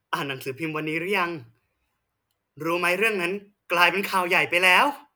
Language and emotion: Thai, happy